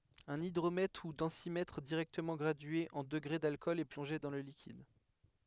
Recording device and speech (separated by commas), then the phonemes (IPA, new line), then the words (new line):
headset microphone, read sentence
œ̃n idʁomɛtʁ u dɑ̃simɛtʁ diʁɛktəmɑ̃ ɡʁadye ɑ̃ dəɡʁe dalkɔl ɛ plɔ̃ʒe dɑ̃ lə likid
Un hydromètre ou densimètre directement gradué en degrés d’alcool est plongé dans le liquide.